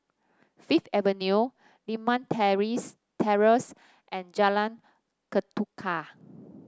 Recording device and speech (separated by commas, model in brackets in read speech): standing microphone (AKG C214), read sentence